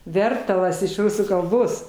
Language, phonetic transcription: Lithuanian, ˈvertalas iš ˈrusų kalˈbos

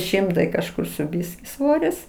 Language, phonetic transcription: Lithuanian, ˈšimtai kažˈkur su ˈbiski ˈsvoris

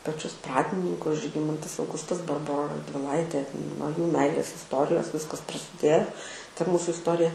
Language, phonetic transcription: Lithuanian, paˈčius ˈpradininkus žiˈgimantas auˈgustas barˈbora radviˈlaitė nuo jų ˈmeilės isˈtorijos ˈviskas prasiˈdėjo ta ˈmūsu isˈtorija

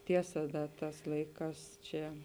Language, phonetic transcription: Lithuanian, ˈtiesa ˈda ˈtās ˈlaiˌkās ˈčia

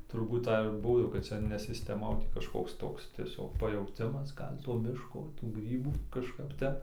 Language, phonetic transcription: Lithuanian, turˈbūt ˈtai ir ˈbuo jau kad ˈca ne sisteˈma o tį kažˈkoks ˈtoks tieˈsiog pajauˈtimas ˈgal' to ˈmiško tų ˈgrybų kažˈkap ˈtep

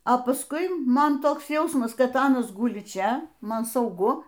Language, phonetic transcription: Lithuanian, o pasˈkui ˈman ˈtoks ˈjausmas kad ˈanas ˈguli ˈčia ˈman sauˈgu

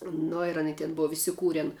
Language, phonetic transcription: Lithuanian, ˈno ir aˈny tin ˈbov isiˈkūren

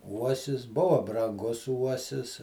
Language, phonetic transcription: Lithuanian, ˈuosis ˈbuvo branˈgus ˈuosis

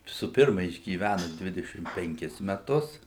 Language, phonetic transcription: Lithuanian, su ˈpirma išgyˈvænu ˈdvidešim penˈkis meˈtus

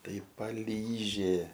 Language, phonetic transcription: Lithuanian, ˈtai paˈlyžė

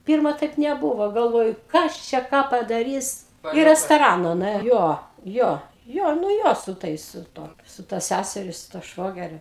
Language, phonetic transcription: Lithuanian, ˈpirma ˈtaip neˈbūvo galˈvoju ˈkas čia ˈką padaˈrys į restoˈrana nuˈė ˈjo ˈjo ˈjo nu ˈjo su ˈtais su ˈtuo su ˈta ˈsæseri su tuo ˈšvogeriu

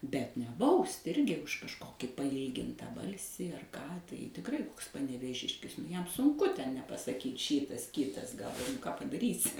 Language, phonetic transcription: Lithuanian, bet ne ˈbaust' ˈirgi už kažˈkoki paˈylginta ˈbalsį ar ˈką tai tikˈrai ˈkoks panevėˈžiškis ˈjam sunˈku ˈten nepasaˈkyt ˈšytas ˈkytas gal ką padaˈrysi

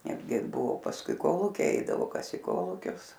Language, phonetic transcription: Lithuanian, ˈnetgi ˈbuvo pasˈkui ˈkolūkiai ˈeidavo ˈkas į ˈkolūkius

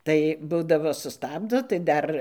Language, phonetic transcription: Lithuanian, ˈtai ˈbūdavo suˈstabdo tai ˈdar

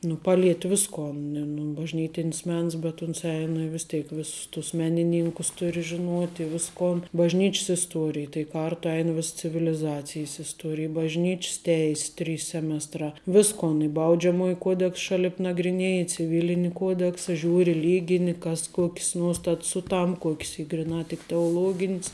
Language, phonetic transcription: Lithuanian, nu ˈpalieti ˈviskon e num bažˈnytinis ˈmens bet uns ˈein i vis ˈteik ˈviss tus meniˈnynkus ˈturi žiˈnuoti i ˈviskon bažˈnyč's isˈtuorij tai ˈkartu ˈein vis civiliˈzacijs isˈtuorij bažˈnyč's ˈteis ˈtrys ˈsemestrā ˈviskon i ˈbaudžiamuoji ˈkuodeks ˈšalip nagriˈnieji ciˈvilini ˈkuodeksa ˈžiūri ˈlygini ˈkas ˈkuok's ˈnuostats ˈsuˌtamp ˈkuok's ˈy griˈnā tik teoˈlogin's

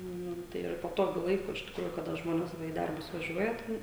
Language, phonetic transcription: Lithuanian, ˈnu ˈtai ir paˈtogiu ˈlaiku iš tikˈrųju kaˈda ˈžmones ˈva į ˈdarbus vaˈžiuoja ˈten

